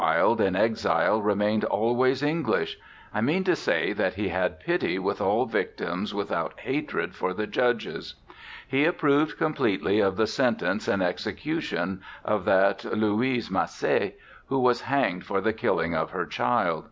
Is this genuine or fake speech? genuine